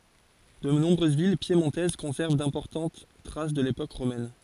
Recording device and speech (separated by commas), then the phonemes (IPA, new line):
forehead accelerometer, read sentence
də nɔ̃bʁøz vil pjemɔ̃tɛz kɔ̃sɛʁv dɛ̃pɔʁtɑ̃t tʁas də lepok ʁomɛn